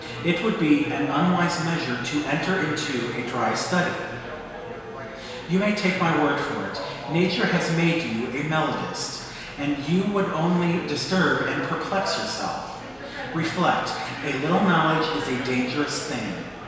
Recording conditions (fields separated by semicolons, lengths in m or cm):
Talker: one person; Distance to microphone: 1.7 m; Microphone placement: close; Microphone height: 1.0 m; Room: very reverberant, large; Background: babble